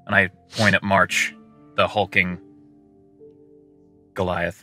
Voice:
expressive, rumbling voice